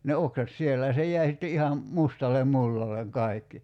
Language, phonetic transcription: Finnish, ne 'oksat "siellä ja 'se j̀äi sitte 'iham , 'mustalem 'mullaleŋ 'kai̬kki .
- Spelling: ne oksat siellä ja se jäi sitten ihan mustalle mullalle kaikki

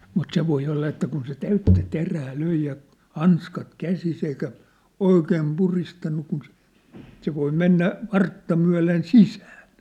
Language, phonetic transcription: Finnish, mut se voi olla että kun se 'täyttä 'terää 'löi ja , 'hanskat 'käsis ‿eikä , "oikeem 'puristannu kun se , se voi 'mennä , 'vartta myä̭len "sisään̬ .
- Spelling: mutta se voi olla että kun se täyttä terää löi ja hanskat käsissä eikä oikein puristanut kun se se voi mennä vartta myöten sisään

